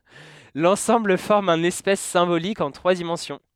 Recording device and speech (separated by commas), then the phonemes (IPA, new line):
headset microphone, read sentence
lɑ̃sɑ̃bl fɔʁm œ̃n ɛspas sɛ̃bolik ɑ̃ tʁwa dimɑ̃sjɔ̃